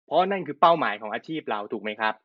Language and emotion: Thai, neutral